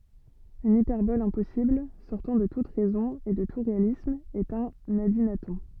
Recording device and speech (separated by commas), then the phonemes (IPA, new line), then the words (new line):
soft in-ear microphone, read sentence
yn ipɛʁbɔl ɛ̃pɔsibl sɔʁtɑ̃ də tut ʁɛzɔ̃ e də tu ʁealism ɛt œ̃n adinatɔ̃
Une hyperbole impossible, sortant de toute raison et de tout réalisme est un adynaton.